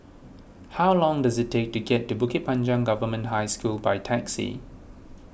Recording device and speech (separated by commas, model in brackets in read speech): boundary microphone (BM630), read sentence